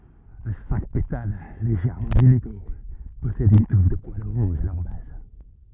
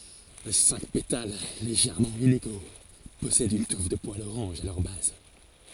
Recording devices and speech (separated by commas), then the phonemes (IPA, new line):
rigid in-ear microphone, forehead accelerometer, read sentence
le sɛ̃k petal leʒɛʁmɑ̃ ineɡo pɔsɛdt yn tuf də pwalz oʁɑ̃ʒ a lœʁ baz